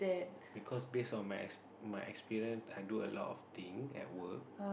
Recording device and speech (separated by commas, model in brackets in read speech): boundary microphone, conversation in the same room